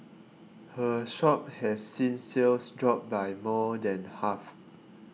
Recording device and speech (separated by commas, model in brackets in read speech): mobile phone (iPhone 6), read sentence